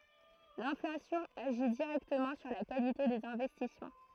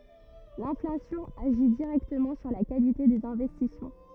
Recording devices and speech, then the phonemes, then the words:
throat microphone, rigid in-ear microphone, read sentence
lɛ̃flasjɔ̃ aʒi diʁɛktəmɑ̃ syʁ la kalite dez ɛ̃vɛstismɑ̃
L'inflation agit directement sur la qualité des investissements.

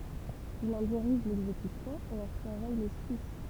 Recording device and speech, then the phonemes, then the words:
temple vibration pickup, read sentence
il ɑ̃ diʁiʒ lɛɡzekysjɔ̃ e ɑ̃ syʁvɛj lɛskis
Il en dirige l'exécution et en surveille l'esquisse.

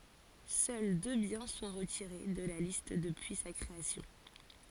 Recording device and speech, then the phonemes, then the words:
forehead accelerometer, read sentence
sœl dø bjɛ̃ sɔ̃ ʁətiʁe də la list dəpyi sa kʁeasjɔ̃
Seuls deux biens sont retirés de la liste depuis sa création.

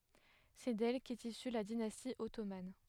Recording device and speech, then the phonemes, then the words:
headset microphone, read sentence
sɛ dɛl kɛt isy la dinasti ɔtoman
C'est d'elle qu'est issue la dynastie ottomane.

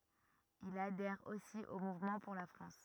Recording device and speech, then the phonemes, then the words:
rigid in-ear microphone, read sentence
il adɛʁ osi o muvmɑ̃ puʁ la fʁɑ̃s
Il adhère aussi au Mouvement pour la France.

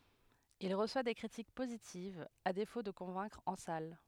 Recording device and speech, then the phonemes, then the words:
headset microphone, read sentence
il ʁəswa de kʁitik pozitivz a defo də kɔ̃vɛ̃kʁ ɑ̃ sal
Il reçoit des critiques positives, à défaut de convaincre en salles.

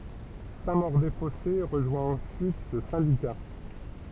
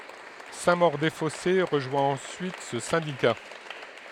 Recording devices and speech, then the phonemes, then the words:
temple vibration pickup, headset microphone, read sentence
sɛ̃ moʁ de fɔse ʁəʒwɛ̃ ɑ̃syit sə sɛ̃dika
Saint-Maur-des-Fossés rejoint ensuite ce syndicat.

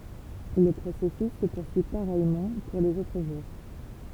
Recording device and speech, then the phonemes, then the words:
temple vibration pickup, read sentence
lə pʁosɛsys sə puʁsyi paʁɛjmɑ̃ puʁ lez otʁ ʒuʁ
Le processus se poursuit pareillement pour les autres jours.

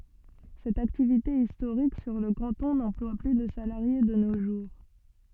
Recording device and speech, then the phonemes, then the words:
soft in-ear microphone, read sentence
sɛt aktivite istoʁik syʁ lə kɑ̃tɔ̃ nɑ̃plwa ply də salaʁje də no ʒuʁ
Cette activité historique sur le canton n'emploie plus de salariés de nos jours.

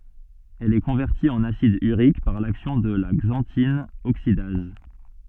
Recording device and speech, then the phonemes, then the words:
soft in-ear microphone, read sentence
ɛl ɛ kɔ̃vɛʁti ɑ̃n asid yʁik paʁ laksjɔ̃ də la ɡzɑ̃tin oksidaz
Elle est convertie en acide urique par l'action de la xanthine oxydase.

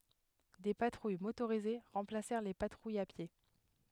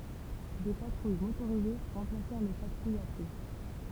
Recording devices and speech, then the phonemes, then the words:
headset microphone, temple vibration pickup, read sentence
de patʁuj motoʁize ʁɑ̃plasɛʁ le patʁujz a pje
Des patrouilles motorisées remplacèrent les patrouilles à pied.

